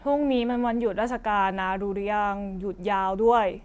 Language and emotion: Thai, frustrated